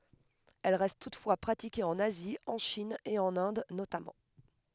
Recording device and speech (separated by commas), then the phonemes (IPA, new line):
headset microphone, read sentence
ɛl ʁɛst tutfwa pʁatike ɑ̃n azi ɑ̃ ʃin e ɑ̃n ɛ̃d notamɑ̃